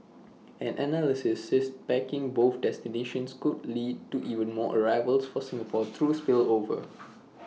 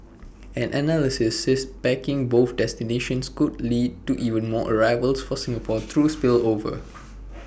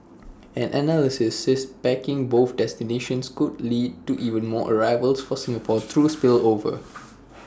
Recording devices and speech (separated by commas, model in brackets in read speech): mobile phone (iPhone 6), boundary microphone (BM630), standing microphone (AKG C214), read sentence